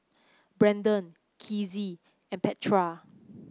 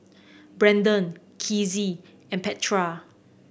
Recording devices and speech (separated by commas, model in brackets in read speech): close-talking microphone (WH30), boundary microphone (BM630), read sentence